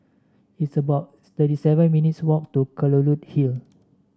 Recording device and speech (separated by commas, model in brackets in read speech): standing microphone (AKG C214), read sentence